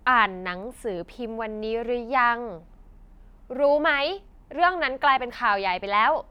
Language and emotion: Thai, angry